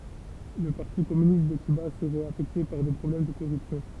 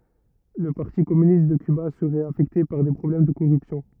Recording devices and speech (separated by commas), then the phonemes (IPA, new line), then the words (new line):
temple vibration pickup, rigid in-ear microphone, read sentence
lə paʁti kɔmynist də kyba səʁɛt afɛkte paʁ de pʁɔblɛm də koʁypsjɔ̃
Le Parti Communiste de Cuba serait affecté par des problèmes de corruption.